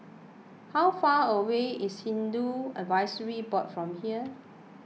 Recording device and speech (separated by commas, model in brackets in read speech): mobile phone (iPhone 6), read sentence